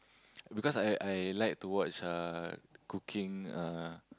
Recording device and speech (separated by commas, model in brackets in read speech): close-talking microphone, conversation in the same room